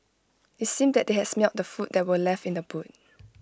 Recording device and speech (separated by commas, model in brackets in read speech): close-talking microphone (WH20), read sentence